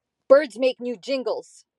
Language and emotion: English, angry